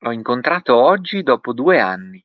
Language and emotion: Italian, surprised